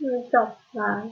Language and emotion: Thai, neutral